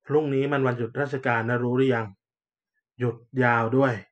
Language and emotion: Thai, frustrated